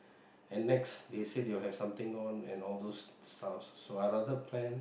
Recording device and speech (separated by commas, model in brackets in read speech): boundary microphone, conversation in the same room